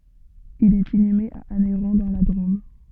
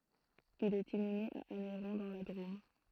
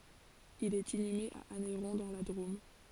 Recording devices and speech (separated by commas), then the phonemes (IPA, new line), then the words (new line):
soft in-ear microphone, throat microphone, forehead accelerometer, read sentence
il ɛt inyme a anɛʁɔ̃ dɑ̃ la dʁom
Il est inhumé à Anneyron dans la Drôme.